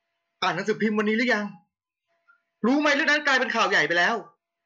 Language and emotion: Thai, angry